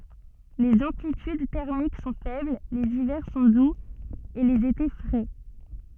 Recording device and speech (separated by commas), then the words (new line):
soft in-ear microphone, read sentence
Les amplitudes thermiques sont faibles, les hivers sont doux et les étés frais.